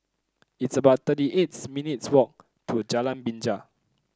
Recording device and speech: close-talking microphone (WH30), read sentence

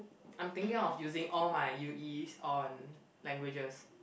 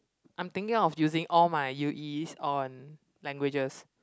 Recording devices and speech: boundary microphone, close-talking microphone, conversation in the same room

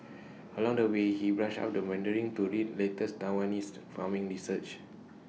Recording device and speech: mobile phone (iPhone 6), read sentence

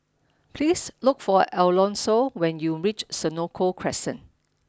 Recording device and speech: standing microphone (AKG C214), read sentence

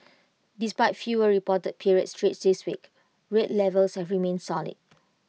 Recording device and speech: mobile phone (iPhone 6), read sentence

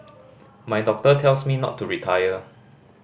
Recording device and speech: boundary microphone (BM630), read sentence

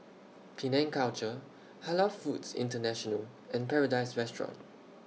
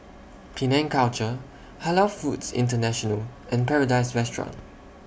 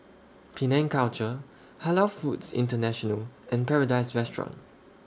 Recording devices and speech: mobile phone (iPhone 6), boundary microphone (BM630), standing microphone (AKG C214), read sentence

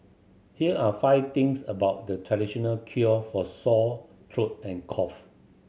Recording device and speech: mobile phone (Samsung C7100), read sentence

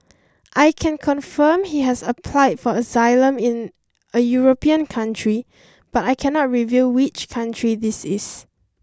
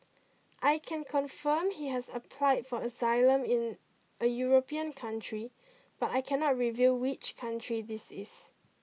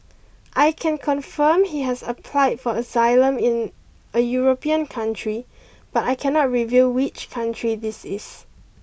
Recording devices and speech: standing microphone (AKG C214), mobile phone (iPhone 6), boundary microphone (BM630), read sentence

